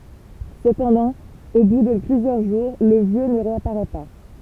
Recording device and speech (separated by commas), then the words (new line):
temple vibration pickup, read sentence
Cependant, au bout de plusieurs jours, le Vieux ne réapparaît pas.